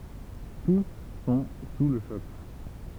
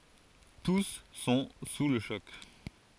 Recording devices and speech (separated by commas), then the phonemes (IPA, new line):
temple vibration pickup, forehead accelerometer, read sentence
tus sɔ̃ su lə ʃɔk